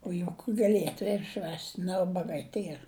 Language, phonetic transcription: Lithuanian, o juk gaˈlietu ir ˈšvęst' ne ˈubagai ˈtier

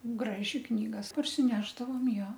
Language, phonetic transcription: Lithuanian, ˈgraži ˈknygas parsiˈnešdavom ˈjo

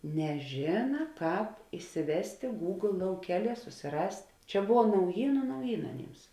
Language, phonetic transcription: Lithuanian, neˈžėna ˈkāp isiˈvestė gūgl lauˈkeˌlie susiˈrast' ˈčia ˈbuva nauˈjynu nauˈjyna aˈnyms

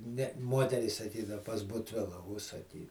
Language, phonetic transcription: Lithuanian, ne ˈmuoterys saˈkydav pas butˈvila užsaˈky

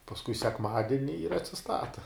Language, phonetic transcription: Lithuanian, pasˈkui sekˈmadini ir atsiˈstata

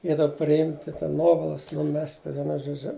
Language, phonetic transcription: Lithuanian, i da priˈimti ten ˈnuovalas nuˈmesti vieˈnu žoˈdžiu

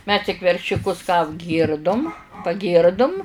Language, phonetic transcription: Lithuanian, mes tik veršiuˈkus ką apˈgyrdum paˈgyrdum

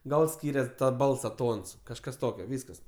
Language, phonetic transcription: Lithuanian, ˈgal ˈskyrias ˈbalsa ˈtons kažˈkas ˈtokio ˈvyskas

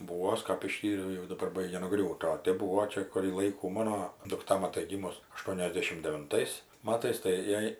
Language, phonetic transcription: Lithuanian, uo ˈaš kap iˈštyriau jau daˈbar ˈbaigia nuˈgriūti o ˈtėp ˈbūvo ˈčia kurį ˈlaikų ˈmano dukˈta maˈtai ˈgymus aˈštuoniasdešim devinˈtais ˈmatais tai ˈjai

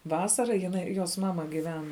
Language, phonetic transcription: Lithuanian, ˈvasara jiˈnai jos ˈmama giˈven

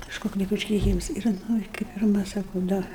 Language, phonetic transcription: Lithuanian, kažˈkok lik užkeiˈkyms ir ˈnu i kai pirˈma ˈsaku ˈda

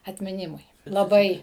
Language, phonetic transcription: Lithuanian, atmiˈnimui laˈbai

